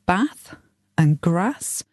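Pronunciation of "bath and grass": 'Bath' and 'grass' are both said with a short A sound in the middle, which is a northern English pronunciation.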